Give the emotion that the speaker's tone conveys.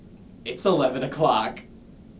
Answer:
happy